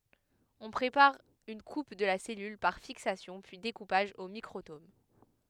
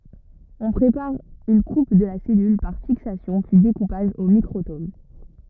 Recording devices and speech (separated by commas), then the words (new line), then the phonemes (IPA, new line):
headset microphone, rigid in-ear microphone, read sentence
On prépare une coupe de la cellule, par fixation puis découpage au microtome.
ɔ̃ pʁepaʁ yn kup də la sɛlyl paʁ fiksasjɔ̃ pyi dekupaʒ o mikʁotom